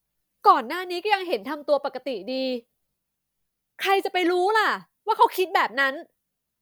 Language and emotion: Thai, frustrated